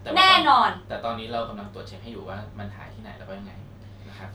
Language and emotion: Thai, neutral